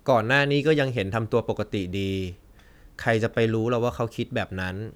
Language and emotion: Thai, neutral